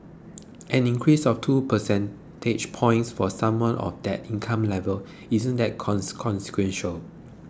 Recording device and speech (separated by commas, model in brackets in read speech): close-talking microphone (WH20), read sentence